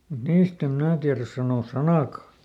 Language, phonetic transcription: Finnish, mut ˈniist ‿em ˈmnää tiäräs sanòs̆ "sanàkà .
- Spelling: mutta niistä en minä tiedä sanoa sanaakaan

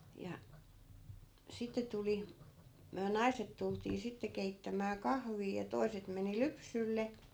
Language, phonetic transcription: Finnish, ja , 'sitte tuli , myä "nai̮set tultii 'sitte 'keittämää kahvii ja 'toi̮set meni "lypsylle .
- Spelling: ja sitten tuli me naiset tultiin sitten keittämään kahvia ja toiset meni lypsylle

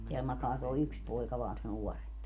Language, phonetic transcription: Finnish, teäl 'makaa toi̮ "yks 'poika vaan se 'nuɔremp .
- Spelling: täällä makaa tuo yksi poika vain se nuorempi

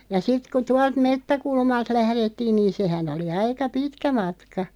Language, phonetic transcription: Finnish, ja 'sit ku 'tualt "mettäkulmalt 'lährettiin niin̬ 'sehän ‿oli 'aika "pitkä 'matka .
- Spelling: ja sitten kun tuolta metsäkulmalta lähdettiin niin sehän oli aika pitkä matka

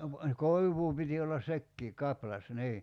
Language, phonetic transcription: Finnish, no , "koiv̀uu piti ollas 'sekkii , 'kaplas , 'nii .
- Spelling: no koivua piti olla sekin kaplas niin

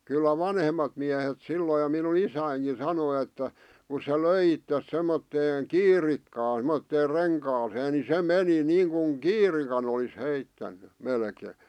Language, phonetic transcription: Finnish, kyllä "vanhemmat miähet 'silloi ʲᵒ minu"n ‿isäiŋki sanoⁱ että , ku se "löi ittes semmotteeᵑ "kiirikkaan̬ semotteer "reŋkaasee ni 'se "meni niiŋkuŋ "kiirikan ‿olis heittänny , 'melkee .
- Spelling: kyllä vanhemmat miehet silloin jo minun isänikin sanoi että kun se löi itsensä semmoiseen kiirikkaan semmoiseen renkaaseen niin se meni niin kuin kiirikan olisi heittänyt melkein

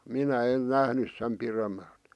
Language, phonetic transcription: Finnish, minä 'en 'nähnys sem piremmälᵗ .
- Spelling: minä en nähnyt sen pidemmälle

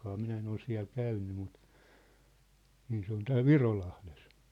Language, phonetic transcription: Finnish, 'minä en ‿ol 'siä̭l 'käynny mut , niin se ‿on 'tääl "Virolahles .
- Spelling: minä en ole siellä käynyt mutta niin se on täällä Virolahdessa

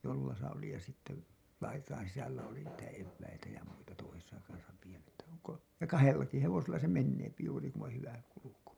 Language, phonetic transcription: Finnish, jollasa oli ja sitte , "laitain sisällä oli niitä 'evväitä ja muita toisesa kansa , ja "kahellaki 'hevosella se 'menneepi juuri ku ‿on 'hyvä kuluku .
- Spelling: jollassa oli ja sitten laitojen sisällä oli niitä eväitä ja muita toisessa kanssa ja kahdellakin hevosella se menee juuri kun on hyvä kulku

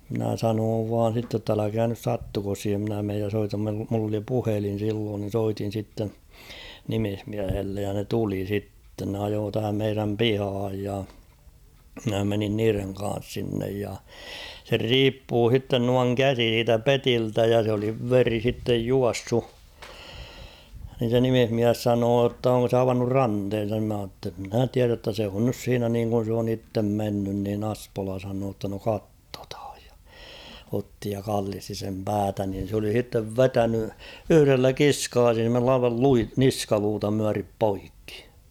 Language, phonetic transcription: Finnish, mⁱnä 'sanoov vaan̬ sitte ‿tt ‿'äläkää nys "sattuko siihem mᵎnä meej ja 'soitam meil- mull ‿oli "puhelin̬ silloon (ni) 'soitin̬ sitten̬ , "nimihmiähellej ja ne 'tuli 'sitten ne 'ajoo tähäm meiräm "pihaaj ja , mᵎnä 'menin 'niireŋ ka̰a̰s sinnej ja , ser "riippuu 'h̬itten nuaŋ "käsi siitä "petiltä ja sᵉ ‿oli 'veri sittej 'juassu , nin̬ se "nimihmiäs 'sanoo ‿tt ‿oŋko se 'avannur "ranthen̬san ni mä h̬aa ‿tt ‿'mnä̀ 'tiärä ‿ttä 'se on nys 'siinä niiŋkun̬ s ‿oon ‿ittem 'mennyn niin ‿'ᴀspola sanoo ‿tta no 'kattᴏthᴀᴊ ᴊᴀ , otti ja 'kallisti sem "päätä nin̬ s ‿oli sittev "vetäny , 'yhʸrellä "kiskaas[ull] ‿'aival 'lui- "niskaluuta myärip "poikkɪ .
- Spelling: minä sanoin vain sitten että älkää nyt sattuko siihen minä menen ja soitan - minulla oli puhelin silloin niin soitin sitten nimismiehelle ja ne tuli sitten ne ajoi tähän meidän pihaan ja minä menin niiden kanssa sinne ja sen riippui sitten noin käsi siitä pediltä ja se oli veri sitten juossut niin se nimismies sanoi että onko se avannut ranteensa niin minä sanoin että minä tiedä että se on nyt siinä niin kuin se on itse mennyt niin Espola sanoi jotta no katsotaan ja otti ja kallisti sen päätä niin se oli sitten vetänyt yhdellä kiskaisulla aivan - niskaluuta myöten poikki

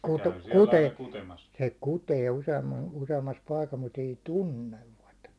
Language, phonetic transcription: Finnish, kute- , kute- , se "kutee useam- , use₍ammas paikas mut ‿ei "tuǹnevvat .
- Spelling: - - se kutee - useammassa paikassa mutta ei tuntevat

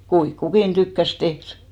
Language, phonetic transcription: Finnish, 'kuiŋk "kukin 'tykkäs 'tehr .
- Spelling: kuinka kukin tykkäsi tehdä

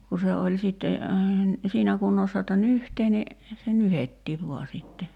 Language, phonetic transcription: Finnish, 'ku se oĺ sitte , 'siinä kunnossa [j]otta "nyhtee ni , se "nyhettiiv 'voa sitte .
- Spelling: kun se oli sitten siinä kunnossa jotta nyhtää niin se nyhdettiin vain sitten

